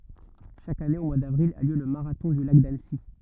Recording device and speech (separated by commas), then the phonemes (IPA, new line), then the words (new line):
rigid in-ear microphone, read sentence
ʃak ane o mwaə davʁil a ljø lə maʁatɔ̃ dy lak danəsi
Chaque année au mois d'avril a lieu le marathon du Lac d'Annecy.